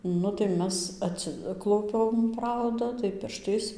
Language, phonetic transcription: Lithuanian, ˈnu tai ˈmes atˈsiklaupiam ˈprauda tai ˈpirštais

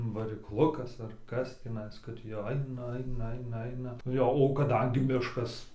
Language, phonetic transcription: Lithuanian, varikˈlukas ar ˈkas tįˈnais kad jau ˈaina ˈaina ˈaina ˈaina ˈjo o kaˈdangi ˈmiškas

